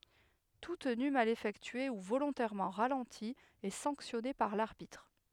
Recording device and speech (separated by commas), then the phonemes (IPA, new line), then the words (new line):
headset microphone, read sentence
tu təny mal efɛktye u volɔ̃tɛʁmɑ̃ ʁalɑ̃ti ɛ sɑ̃ksjɔne paʁ laʁbitʁ
Tout tenu mal effectué ou volontairement ralenti est sanctionné par l'arbitre.